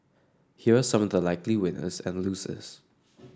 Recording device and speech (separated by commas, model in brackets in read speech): standing microphone (AKG C214), read sentence